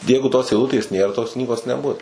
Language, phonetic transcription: Lithuanian, ˈjeigu tos eiˈlutės ˈnėr tos ˈknygos neˈbus

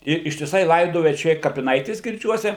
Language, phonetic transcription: Lithuanian, ir ištiˈsai ˈlaidoja čia ˈir kapiˈnaitės girˈdžiuose

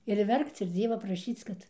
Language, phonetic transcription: Lithuanian, ir ˈverkc ir ˈdzieva praˈšyc kad

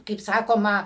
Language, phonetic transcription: Lithuanian, kaip ˈsakoma

